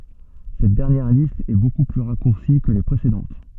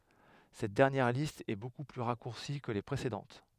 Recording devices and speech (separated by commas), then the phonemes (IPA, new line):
soft in-ear microphone, headset microphone, read sentence
sɛt dɛʁnjɛʁ list ɛ boku ply ʁakuʁsi kə le pʁesedɑ̃t